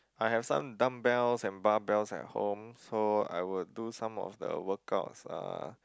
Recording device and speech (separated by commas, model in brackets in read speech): close-talking microphone, conversation in the same room